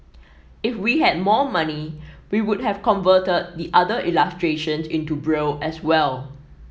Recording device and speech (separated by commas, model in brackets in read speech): mobile phone (iPhone 7), read sentence